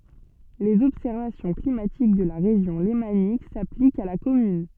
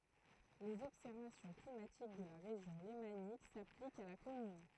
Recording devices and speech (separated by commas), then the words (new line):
soft in-ear microphone, throat microphone, read sentence
Les observations climatiques de la Région lémanique s'appliquent à la commune.